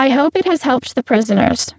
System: VC, spectral filtering